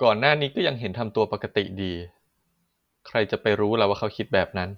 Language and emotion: Thai, neutral